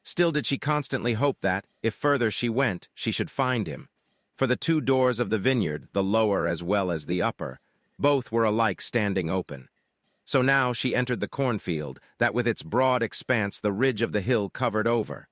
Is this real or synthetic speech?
synthetic